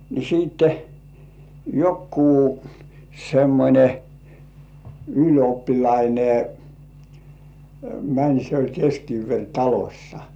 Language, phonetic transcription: Finnish, ni siitte , 'jokkuu , semmońe , "yl̜oppilaine , 'mäń se oĺ 'keskiiveŕ"talośsa .
- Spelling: niin sitten joku semmoinen ylioppilas meni se oli kestikievaritalossa

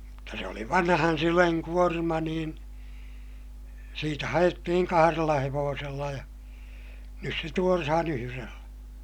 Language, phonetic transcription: Finnish, mutta se oli vanhan syleŋ kuorma niin , siitä haʲettihiŋ kaharella hevoosella ja , nys se tuorahan ‿yhyrellÄ .
- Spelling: mutta se oli vanhan sylen kuorma niin siitä haettiin kahdella hevosella ja nyt se tuodaan yhdellä

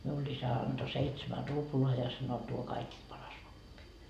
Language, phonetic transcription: Finnish, miull ‿'isä anDo 'seitsemä "ruploa ja sano » tuo "kaikist 'paras vokki » .
- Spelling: minulle isä antoi seitsemän ruplaa ja sanoi tuo kaikista paras vokki

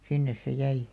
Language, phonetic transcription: Finnish, 'sinnes se 'jäi .
- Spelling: sinne se jäi

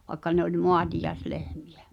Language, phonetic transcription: Finnish, vaĕkka ne ‿oĺ "moatijaeslehmɪᴶᴀ̈ .
- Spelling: vaikka ne oli maatiaislehmiä

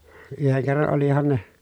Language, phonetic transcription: Finnish, yheŋ kerran olihan ne ,.
- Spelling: yhden kerran olihan ne

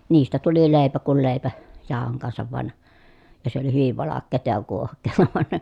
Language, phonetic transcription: Finnish, niistä tuli lèi̮pä kul lèi̮pä , jàohoŋ kansav van , ja se oli hyviv valakkeeta ja kuohk̆kee(ta) (vᵒan) .
- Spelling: niistä tuli leipä kuin leipä jauhojen kanssa vain ja se oli hyvin valkeaa ja kuohkeaa vaan

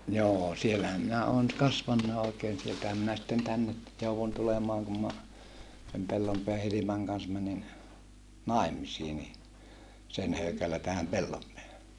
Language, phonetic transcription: Finnish, joo , siellähäm minä oon , kasvannaaʼ ʼòikeen sieltähäm minä sitten tänne , jouvun tulemaaŋ kum ma , sem Pellompeä Hilimaŋ kans mänin , nài̮misii ni , sen höykällä tähäm Pellompeähä .
- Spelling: joo siellähän minä olen kasvanutkin oikein sieltähän minä sitten tänne jouduin tulemaan kun minä sen Pellonpään Hilman kanssa menin naimisiin niin sen höykällä tähän Pellonpäähän

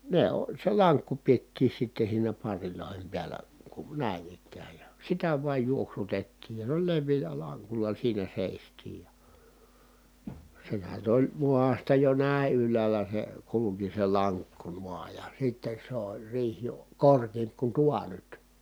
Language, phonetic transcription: Finnish, ne o- , se laŋkku piettii sitte siinä parrilòihem piäl̀ä , kun̬ nä̀in ‿ik̆kääj ja , sitä vuaj juoksutettiij ja (noil) lev̆viil̀ä laŋkul̀a siinä sèistiij ja ,. sehän nyt ‿oĺ , muasta jo nä̀i̮ yl̆läälä se , kuluki se laŋkku nuaa ja sittes sᵉ ‿oĺ riih jo , korkiimp ku tua nyt .
- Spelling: ne - se lankku pidettiin sitten siinä parrien päällä kun näin ikään ja sitä vain juoksutettiin ja noin leveällä lankulla siinä seistiin ja sehän nyt oli maasta jo näin ylhäällä se kulki se lankku noin ja sitten se oli riihi jo korkeampi kuin tuo nyt

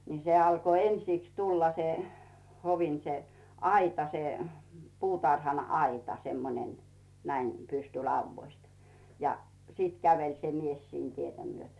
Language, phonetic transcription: Finnish, ni 'se alko "ensìks 'tulla se , hovin se , 'aita se , 'puutarhan̳"aita 'semmoⁱnen , näim 'pysty'lauvvoist , ja 'sìt "käveĺ se 'mies siin 'tietä myötᴏ̈ .
- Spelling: niin se alkoi ensiksi tulla se hovin se aita se puutarhanaita semmoinen näin pystylaudoista ja sitten käveli se mies siinä tietä myöten

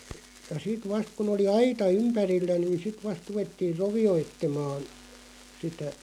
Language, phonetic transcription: Finnish, ja 'sit 'vast kun ‿oli "aita 'ympärillä nin̬ 'sit 'vast 'ruvettiiʳ "rovi₍oittemaan̬ , sitä ,.
- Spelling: ja sitten vasta kun oli aita ympärillä niin sitten vasta ruvettiin rovioitsemaan sitä

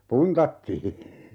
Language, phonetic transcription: Finnish, "puntattii .
- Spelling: puntattiin

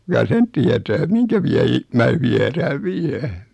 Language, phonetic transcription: Finnish, (kuka) 'sen tietää 'miŋkä viɛ ji- , mää 'viɛrääv "viä .
- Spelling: kuka sen tietää minkä vielä - minä viedään vielä

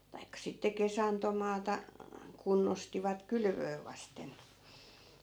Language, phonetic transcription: Finnish, 'taikkᵃ sitte 'kesantomaata , 'kunnostivat "kylvöö vasten .
- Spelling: tai sitten kesantomaata kunnostivat kylvöä vasten

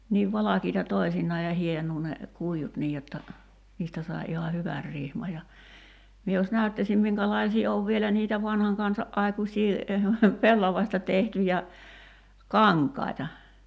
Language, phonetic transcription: Finnish, niiv 'valakiita "toi̬sinnaa ja 'hienuu ne , 'kuijut "niij jotta , 'niistä sai̬ iha "hyvär 'rihma ja , mie jos 'näyttäśim 'miŋkälaisii 'ov vielä niitä 'vanhaŋ kansa’ '’aikuśii , 'pellavasta tehtyjä , "kaŋk̀ai̬ta .
- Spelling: niin valkeita toisinaan ja hienoa ne kuidut niin jotta niistä sai ihan hyvän rihman ja minä jos näyttäisin minkälaisia on vielä niitä vanhan kansa aikuisia pellavasta tehtyjä kankaita

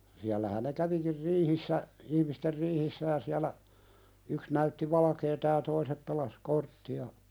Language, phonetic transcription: Finnish, 'siällähän ne "kävikir 'riihissä , 'ihmister "riihissä ja siälä , 'yks näytti "valakeeta ja 'toisep 'pelas "kortti₍a ,.
- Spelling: siellähän ne kävikin riihissä ihmisten riihissä ja siellä yksi näytti valkeaa ja toiset pelasi korttia

